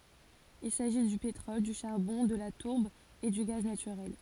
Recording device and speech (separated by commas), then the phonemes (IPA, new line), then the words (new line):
forehead accelerometer, read sentence
il saʒi dy petʁɔl dy ʃaʁbɔ̃ də la tuʁb e dy ɡaz natyʁɛl
Il s’agit du pétrole, du charbon, de la tourbe et du gaz naturel.